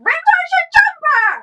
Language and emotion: English, disgusted